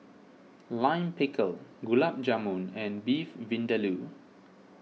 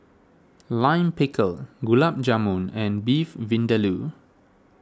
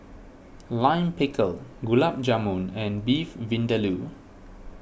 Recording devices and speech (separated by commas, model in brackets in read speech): mobile phone (iPhone 6), standing microphone (AKG C214), boundary microphone (BM630), read sentence